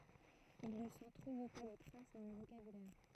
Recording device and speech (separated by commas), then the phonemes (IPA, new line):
throat microphone, read sentence
il nə sɑ̃ tʁuv pa də tʁas dɑ̃ lə vokabylɛʁ